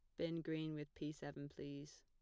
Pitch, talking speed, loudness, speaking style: 150 Hz, 200 wpm, -48 LUFS, plain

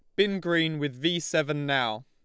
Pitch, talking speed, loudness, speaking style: 160 Hz, 195 wpm, -27 LUFS, Lombard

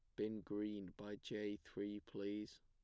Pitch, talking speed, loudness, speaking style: 105 Hz, 150 wpm, -48 LUFS, plain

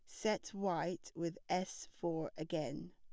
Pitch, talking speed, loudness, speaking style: 170 Hz, 130 wpm, -41 LUFS, plain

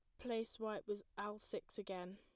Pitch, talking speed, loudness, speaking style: 210 Hz, 185 wpm, -46 LUFS, plain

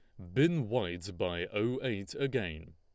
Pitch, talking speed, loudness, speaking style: 105 Hz, 150 wpm, -33 LUFS, Lombard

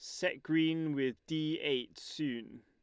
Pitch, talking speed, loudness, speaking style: 155 Hz, 150 wpm, -35 LUFS, Lombard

